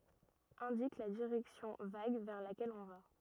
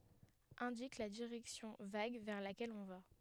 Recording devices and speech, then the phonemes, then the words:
rigid in-ear microphone, headset microphone, read sentence
ɛ̃dik la diʁɛksjɔ̃ vaɡ vɛʁ lakɛl ɔ̃ va
Indique la direction vague vers laquelle on va.

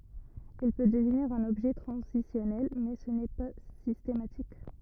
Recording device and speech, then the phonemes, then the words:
rigid in-ear microphone, read sentence
il pø dəvniʁ œ̃n ɔbʒɛ tʁɑ̃zisjɔnɛl mɛ sə nɛ pa sistematik
Il peut devenir un objet transitionnel mais ce n'est pas systématique.

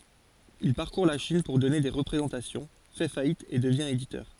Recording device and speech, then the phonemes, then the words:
forehead accelerometer, read sentence
il paʁkuʁ la ʃin puʁ dɔne de ʁəpʁezɑ̃tasjɔ̃ fɛ fajit e dəvjɛ̃ editœʁ
Il parcourt la Chine pour donner des représentations, fait faillite et devient éditeur.

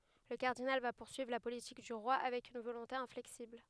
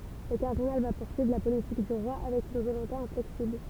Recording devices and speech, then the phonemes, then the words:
headset microphone, temple vibration pickup, read sentence
lə kaʁdinal va puʁsyivʁ la politik dy ʁwa avɛk yn volɔ̃te ɛ̃flɛksibl
Le cardinal va poursuivre la politique du roi avec une volonté inflexible.

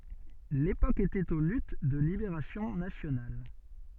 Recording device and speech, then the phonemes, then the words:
soft in-ear microphone, read sentence
lepok etɛt o lyt də libeʁasjɔ̃ nasjonal
L’époque était aux luttes de libération nationale.

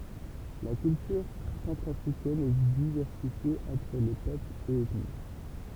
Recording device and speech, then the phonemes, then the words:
temple vibration pickup, read sentence
la kyltyʁ sɑ̃tʁafʁikɛn ɛ divɛʁsifje ɑ̃tʁ le pøplz e ɛtni
La culture centrafricaine est diversifiée entre les peuples et ethnies.

